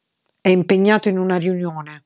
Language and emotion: Italian, angry